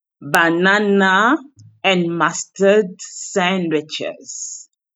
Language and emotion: English, disgusted